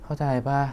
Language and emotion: Thai, frustrated